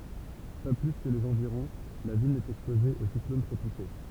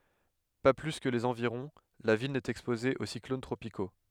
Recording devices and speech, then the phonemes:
temple vibration pickup, headset microphone, read sentence
pa ply kə lez ɑ̃viʁɔ̃ la vil nɛt ɛkspoze o siklon tʁopiko

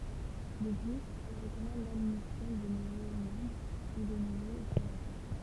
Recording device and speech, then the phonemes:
temple vibration pickup, read sentence
də plyz ɛl ʁəkɔmɑ̃d ladmisjɔ̃ də nuvo mɑ̃bʁ u də nuvoz ɔbsɛʁvatœʁ

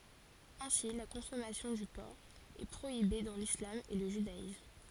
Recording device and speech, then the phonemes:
forehead accelerometer, read sentence
ɛ̃si la kɔ̃sɔmasjɔ̃ dy pɔʁk ɛ pʁoibe dɑ̃ lislam e lə ʒydaism

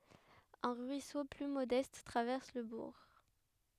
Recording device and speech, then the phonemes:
headset microphone, read sentence
œ̃ ʁyiso ply modɛst tʁavɛʁs lə buʁ

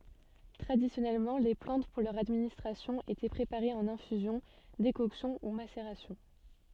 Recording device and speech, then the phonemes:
soft in-ear microphone, read sentence
tʁadisjɔnɛlmɑ̃ le plɑ̃t puʁ lœʁ administʁasjɔ̃ etɛ pʁepaʁez ɑ̃n ɛ̃fyzjɔ̃ dekɔksjɔ̃ u maseʁasjɔ̃

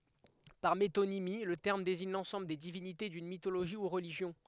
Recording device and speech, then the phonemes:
headset microphone, read sentence
paʁ metonimi lə tɛʁm deziɲ lɑ̃sɑ̃bl de divinite dyn mitoloʒi u ʁəliʒjɔ̃

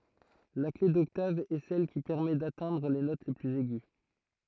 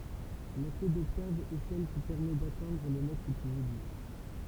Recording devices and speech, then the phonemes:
throat microphone, temple vibration pickup, read sentence
la kle dɔktav ɛ sɛl ki pɛʁmɛ datɛ̃dʁ le not plyz ɛɡy

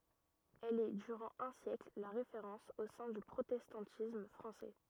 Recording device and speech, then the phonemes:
rigid in-ear microphone, read sentence
ɛl ɛ dyʁɑ̃ œ̃ sjɛkl la ʁefeʁɑ̃s o sɛ̃ dy pʁotɛstɑ̃tism fʁɑ̃sɛ

